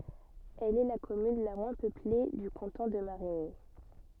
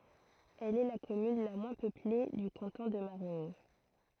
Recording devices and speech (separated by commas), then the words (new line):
soft in-ear microphone, throat microphone, read sentence
Elle est la commune la moins peuplée du canton de Marigny.